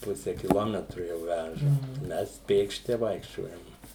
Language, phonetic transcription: Lithuanian, ˈpuse kiˈlometru jau ˈvæža ˈmes ˈpėkšti ˈvaikščiojam

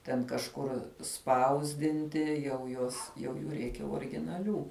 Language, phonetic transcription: Lithuanian, ten kažˈkur ˈspausdinti jau ˈjuos jau ˈjų ˈreikia originaˈlių

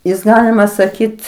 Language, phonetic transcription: Lithuanian, ˈjis ˈgalima saˈkyt

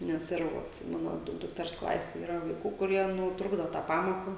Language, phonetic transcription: Lithuanian, nes ˈir vot ˈmano ˈduk dukˈters ˈklasėj ˈyra vaiˈkų kuˈrie ˈnu ˈtrukdo ˈtą ˈpamoką

